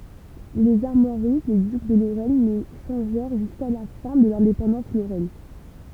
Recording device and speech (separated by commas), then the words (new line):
temple vibration pickup, read sentence
Les armoiries des ducs de Lorraine ne changèrent jusqu'à la fin de l'indépendance lorraine.